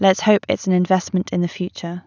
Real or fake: real